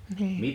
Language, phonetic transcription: Finnish, nhii .
- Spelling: niin

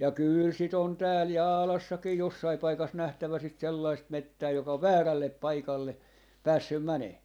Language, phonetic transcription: Finnish, ja "kyyl 'sit ‿on 'tääl "Jaalassakii 'jossai 'paikas 'nähtävä sit 'sellaist "mettää joka ov "väärällep 'paikalle , 'päässym 'mänee .
- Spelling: ja kyllä sitä on täällä Jaalassakin jossakin paikassa nähtävä sitä sellaista metsää joka on väärälle paikalle päässyt menemään

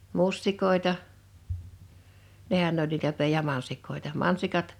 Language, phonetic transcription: Finnish, 'mustik̀òḙta , 'nehän n ‿oĺ niitä pe- ja 'mansik̀òeta .
- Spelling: mustikoita nehän ne oli niitä - ja mansikoita

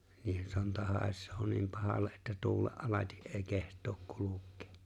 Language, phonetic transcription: Finnish, niihen 'sonta 'hài̬šsoo 'niim 'pahalle’ ’että 'tuulee’ ’alati’ ’e̬e̬ⁱ keht̀ook 'kuluk̀̀ᴇᴇ .
- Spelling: niiden sonta haisee niin pahalle että tuulen alati ei kehtaa kulkea

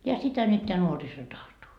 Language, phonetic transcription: Finnish, ja 'sitä nyt teä 'nuoriso 'tahtoo .
- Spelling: ja sitä nyt tämä nuoriso tahtoo

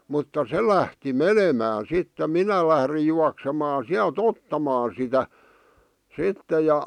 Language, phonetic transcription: Finnish, mutta "se lähti "menemään̬ sitte "minä lährij juaksemaa 'siäl"t ‿ottamaa sitä , 'sitte ja .
- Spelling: mutta se lähti menemään sitten minä lähdin juoksemaan sieltä ottamaan sitä sitten ja

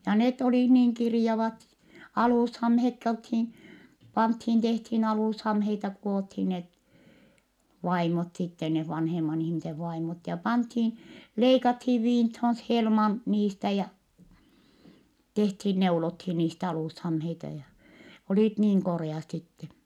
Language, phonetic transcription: Finnish, ja net olih niiŋ kirⁱjavat , alùshamhekki olthin , panthin tehthin alùshamheita ku₍othin net , vaimot sitte neh vanheman ‿ihmisev vaimot , ja panthin , leikathiiv viinthon s- helman , niistä ja , tehthin neulothin niist ‿alùshamheita ja , olìt niiŋ korè₍at sitten̬ .
- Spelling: ja ne oli niin kirjavat alushameetkin oltiin pantiin tehtiin alushameita kudottiin ne vaimot sitten ne vanhemman ihmisen vaimot ja pantiin leikattiin viintoon - helman niistä ja tehtiin neulottiin niistä alushameita ja olivat niin koreat sitten

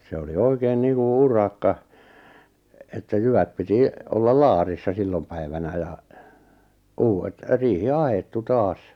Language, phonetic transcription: Finnish, 'se oli "oikeen 'niiŋku "urakka , että 'jyvät piti , 'ollal 'laarissa 'sillom päivänä ja , 'uuwet , 'riihi "ahettu "taas .
- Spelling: se oli oikein niin kuin urakka että jyvät piti olla laarissa silloin päivänä ja uudet riihi ahdettu taas

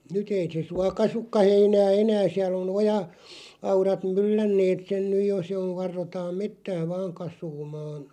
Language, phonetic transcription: Finnish, nyt ‿ei se 'sua "kasukka 'heinää "enää 'siäl ‿o'n ‿oja- , '-aurat "myllänneet sen 'nyj jo se oᵛ 'varrotaam 'mettää "vaaŋ 'kas̀uumaan̬ .
- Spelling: nyt ei se suo kasvakaan heinää enää siellä on - oja-aurat myllänneet sen nyt jo se on varrotaan metsää vain kasvamaan

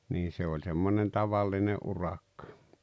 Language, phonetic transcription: Finnish, nii se oĺ 'semmonen "tavalline '’urakkᴀ .
- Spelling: niin se oli semmoinen tavallinen urakka

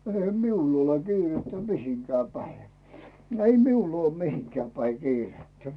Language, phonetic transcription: Finnish, 'eihä miull ‿ole 'kiirettä "mihiŋkää päi , 'ei 'miul ‿uoo "mihiŋkää päi 'kiirettä .
- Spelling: eihän minulla ole kiirettä mihinkään päin ei minulla ole mihinkään päin kiirettä

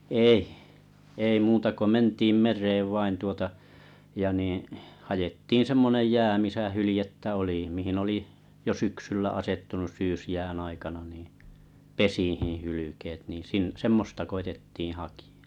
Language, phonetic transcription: Finnish, èih , ei 'muuta ko "ment̀iim "mer̆reev vain tuota , ja niiḭ , 'hajettiin̬ 'semmonej "jää misä "hylĭjettä oli mihi'n ‿oli , jo "syksyllä 'asettunus "syysjään ‿aikana niiḭ , "pesihiiḭ 'hylykeet nii' sin- "semmosta koitettiiḭ 'hakɪ₍ᴀ .
- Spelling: ei ei muuta kuin mentiin mereen vain tuota ja niin haettiin semmoinen jää missä hyljettä oli mihin oli jo syksyllä asettunut syysjään aikana niin pesiin hylkeet niin - semmoista koetettiin hakea

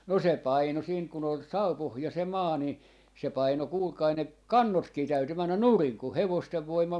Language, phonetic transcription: Finnish, no 'se 'paino siint kun ‿ol 'saupohja se "maa ni , se 'paino 'kuulkai 'ne , "kannotkii 'täyty 'männän "nuriŋ ku "hevostev 'voim̀al ,.
- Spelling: no se painoi siitä kun oli savupohja se maa niin se painoi kuulkaa ne kannotkin täytyi mennä nurin kun hevosten voimalla

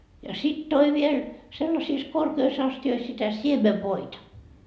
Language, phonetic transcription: Finnish, ja sit 'toi viel , sellasiis 'korkeis 'asti₍ois sitä "siemevvoita .
- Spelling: ja sitten toi vielä sellaisissa korkeissa astioissa sitä siemenvoita

